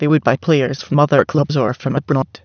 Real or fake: fake